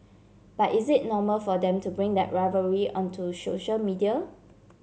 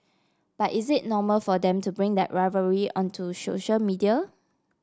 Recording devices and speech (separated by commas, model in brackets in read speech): mobile phone (Samsung C7), standing microphone (AKG C214), read sentence